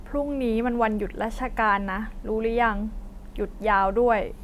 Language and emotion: Thai, frustrated